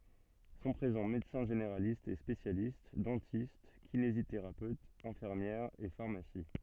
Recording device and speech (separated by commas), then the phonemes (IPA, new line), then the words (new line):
soft in-ear microphone, read sentence
sɔ̃ pʁezɑ̃ medəsɛ̃ ʒeneʁalistz e spesjalist dɑ̃tist kineziteʁapøtz ɛ̃fiʁmjɛʁz e faʁmasi
Sont présents médecins généralistes et spécialistes, dentistes, kinésithérapeutes, infirmières et pharmacies.